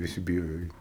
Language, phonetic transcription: Lithuanian, viˈsi biˈjojo ˈeit

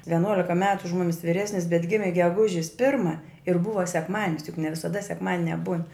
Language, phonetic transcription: Lithuanian, veˈnuolika ˈmetu už ˈmumis viˈresnis bet ˈgimi geˈgužis ˈpirma ir ˈbuva sekˈmadinis juk ne visaˈda sekˈmadinia būn

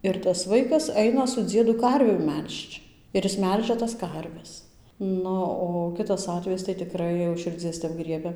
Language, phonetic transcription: Lithuanian, ˌir tas ˈvaikas ˈaina su ˈdziedu ˈkarvių ˈmel'žč ˌir is ˈmelžia tas ˈkarves ˈnu o ˈkitas ˈatvejis tai tiˈkrai jau už širˈdzies tep ˈgriebia

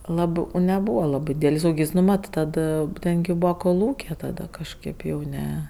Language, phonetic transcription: Lithuanian, ˈlabɜ ū neˈbūva ˈlabɜ ˈdydelis ˈūkis nu ˈmat ˈtad ˈten gi ˈbūva koˈlūkė taˈda kažˈkaip jau ˈne

